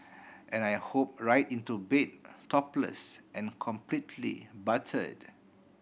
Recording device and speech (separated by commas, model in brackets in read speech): boundary microphone (BM630), read sentence